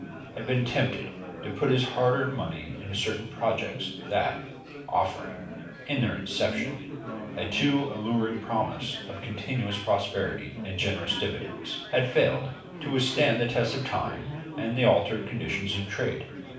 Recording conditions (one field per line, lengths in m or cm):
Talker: one person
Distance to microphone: 5.8 m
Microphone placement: far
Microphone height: 1.8 m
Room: medium-sized (5.7 m by 4.0 m)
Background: babble